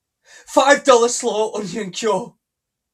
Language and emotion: English, sad